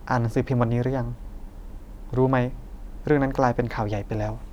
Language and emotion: Thai, neutral